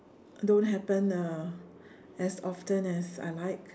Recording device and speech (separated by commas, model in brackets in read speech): standing microphone, conversation in separate rooms